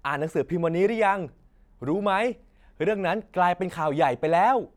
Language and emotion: Thai, happy